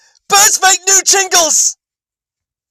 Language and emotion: English, fearful